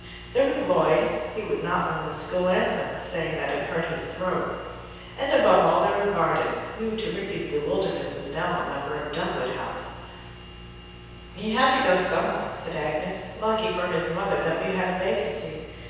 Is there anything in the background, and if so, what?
Nothing.